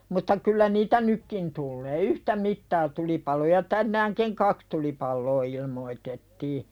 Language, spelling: Finnish, mutta kyllä niitä nytkin tulee yhtä mittaa tulipaloja tänäänkin kaksi tulipaloa ilmoitettiin
- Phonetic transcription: mutta 'kyllä niitä "nykkin tullee "yhtä mittaa 'tulipaloja 'tännääŋkiŋ "kaks tulipalloo ilmoi̳tettii .

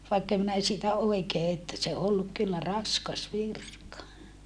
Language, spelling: Finnish, vaikka en minä siitä oikein että se on ollut kyllä raskas virka
- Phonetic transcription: vaikkem minä siitä oikee että se o olluk kyllä raskas virka .

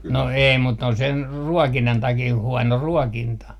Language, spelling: Finnish, no ei mutta ne on sen ruokinnan takia huono ruokinta
- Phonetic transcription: no 'ei mut 'ne on sen , "ruɔkinnan takii huɔno "ruɔkinta .

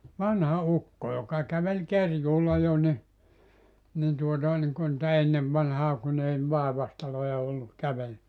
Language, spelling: Finnish, vanha ukko joka käveli kerjuulla jo niin niin tuota niin kuin niitä ennen vanhaan kun ei vaivaistaloja ollut käveli
- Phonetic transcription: 'vanha 'ukko joka kävel 'kerjuulla jo ńi , nin tuotà niŋku nⁱtä 'ennev vanhaa 'kun ‿ei 'vàevastaloja ollu , 'kävel .

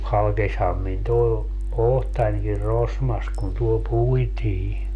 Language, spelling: Finnish, halkesihan minun tuo otsanikin rosmassa kun tuolla puitiin
- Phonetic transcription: 'halkesham min toe , "ohtańkir "rosmas kun tuol 'puitii .

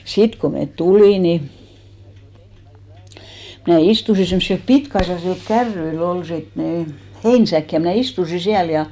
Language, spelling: Finnish, sitten kun me tulimme niin minä istuin semmoisilla pitkäaisaisilla kärryillä oli sitten niin heinäsäkki ja minä istuin siellä ja
- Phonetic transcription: 'sit ko met "tulì ni , mnä̀ 'istusi semssilp "pitk₍aissasil 'kärryi'l ‿ol 'sit ni , "heinsäk ja mnä̀ istusi 'siäl ja .

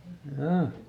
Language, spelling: Finnish, jaa
- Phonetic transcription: – ˈhjaa !

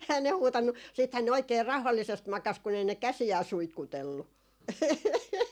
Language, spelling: Finnish, eihän ne huutanut sittenhän ne oikein rauhallisesti makasi kun ei ne käsiään suitkutellut
- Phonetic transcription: ehän ne 'huutannu , siithän ne 'oik̆kee 'rau̬hallisest 'makas kun ‿ei ne "käsi₍ää 'suitkutellu .

